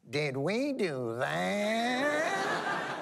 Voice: goofy voice